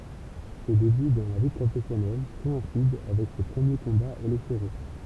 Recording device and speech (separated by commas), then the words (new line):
temple vibration pickup, read sentence
Ses débuts dans la vie professionnelle coïncident avec ses premiers combats électoraux.